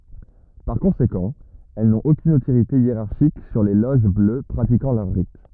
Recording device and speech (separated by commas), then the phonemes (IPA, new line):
rigid in-ear microphone, read sentence
paʁ kɔ̃sekɑ̃ ɛl nɔ̃t okyn otoʁite jeʁaʁʃik syʁ le loʒ blø pʁatikɑ̃ lœʁ ʁit